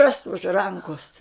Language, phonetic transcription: Lithuanian, ras už ˈrankos

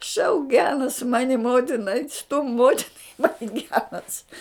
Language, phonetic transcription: Lithuanian, šauk ˈgenas ˈmani ˈmotina ait' stum ˈmotina ˈmani ˈgenas

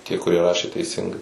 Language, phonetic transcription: Lithuanian, tie kuˈrie ˈrašė teiˈsingai

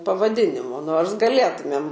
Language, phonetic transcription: Lithuanian, pavaˈdinimo ˈnors gaˈlėtumėm

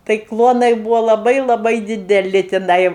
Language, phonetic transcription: Lithuanian, tai ˈkluonai ˈbūvo laˈbai laˈbai dideˈli tiˈnai

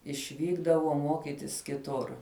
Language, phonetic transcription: Lithuanian, išˈvykdavo ˈmokitis kiˈtur

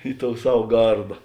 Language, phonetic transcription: Lithuanian, i tou ˈsav ˈgarda

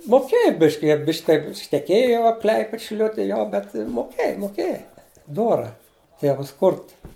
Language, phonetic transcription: Lithuanian, moˈkėja ˈbiški ˈjie ˈbišk' ˈteip šneˈkėjo jau ˈkl'aiped šiˈl'uti ˈjo bet moˈkėja moˈkėja ˈdora ˈtėvas ˈkurt

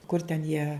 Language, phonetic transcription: Lithuanian, kur ten jie

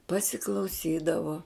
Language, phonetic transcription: Lithuanian, pasiklauˈsydavo

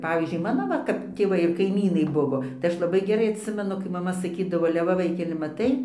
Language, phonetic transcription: Lithuanian, ˈpavyzdžiui ˈ mano va kap tėˈvai ir kaiˈmynai ˈbuvo tai ˈaš laˈbai geˈrai aˈtsimenu kai maˈma saˈkydavo ale ˈva ˈvaikeli maˈtai

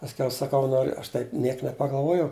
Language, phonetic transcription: Lithuanian, pasˈkiau saˈkau ˈnoriu ˈaš taip ˈniek nepagalˈvuojau

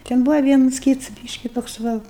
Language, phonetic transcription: Lithuanian, ten ˈbuva ˈvienus ˈkyts ˈbyški toks ˈva

